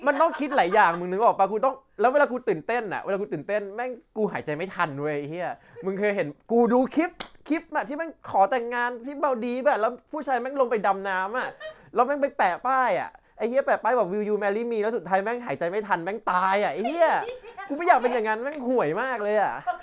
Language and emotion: Thai, happy